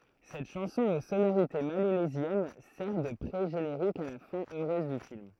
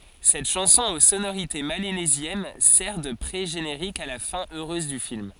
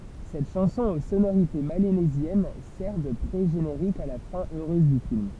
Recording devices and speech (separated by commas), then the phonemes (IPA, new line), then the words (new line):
throat microphone, forehead accelerometer, temple vibration pickup, read sentence
sɛt ʃɑ̃sɔ̃ o sonoʁite melanezjɛn sɛʁ də pʁeʒeneʁik a la fɛ̃ øʁøz dy film
Cette chanson aux sonorités mélanésiennes sert de pré-générique à la fin heureuse du film.